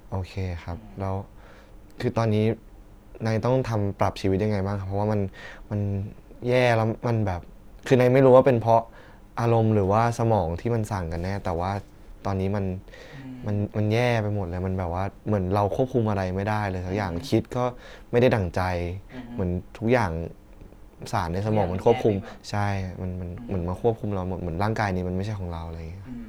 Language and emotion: Thai, sad